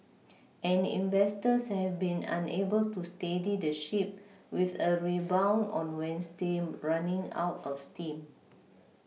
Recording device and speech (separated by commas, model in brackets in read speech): mobile phone (iPhone 6), read sentence